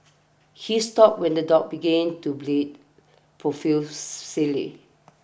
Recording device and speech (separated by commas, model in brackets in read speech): boundary microphone (BM630), read sentence